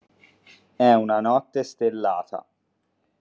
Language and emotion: Italian, neutral